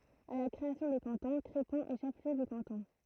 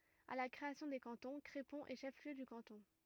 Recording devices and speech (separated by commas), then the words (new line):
throat microphone, rigid in-ear microphone, read sentence
À la création des cantons, Crépon est chef-lieu de canton.